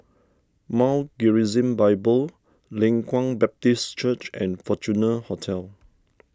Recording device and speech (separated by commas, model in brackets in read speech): standing microphone (AKG C214), read sentence